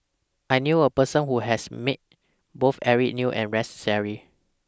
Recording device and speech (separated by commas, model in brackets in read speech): standing microphone (AKG C214), read sentence